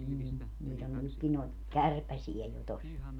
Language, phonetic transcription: Finnish, nii , niit ‿on 'nykki noi̮t , "kärpäsie jo tos .
- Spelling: niin niitä on nytkin noita kärpäsiä jo tuossa

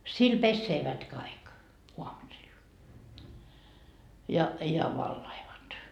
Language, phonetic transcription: Finnish, sil "pesseevät kaik , 'uamusil , ja , ja 'vallaivat .
- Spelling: sillä pesevät kaikki aamusilla ja ja valautuvat

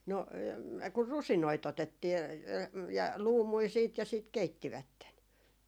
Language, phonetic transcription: Finnish, 'no , kur "rusinoi't ‿otettii , ja ja- , "luumui 'siit ja sìt 'keittivätten .
- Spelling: no kun rusinoita otettiin ja ja luumuja sitten ja sitten keittivät

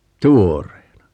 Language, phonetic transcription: Finnish, 'tuor̀eena .
- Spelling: tuoreena

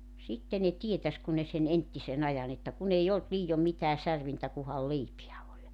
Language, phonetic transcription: Finnish, 'sitte ne 'tietäs kun ne sen 'enttisen ‿ajan ‿että 'kun ‿ei 'olt 'liijom mitää 'särvintä kuhal "leipiä oĺ .
- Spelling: sitten ne tietäisi kun ne sen entisen ajan että kun ei ollut liioin mitään särvintä kunhan leipiä oli

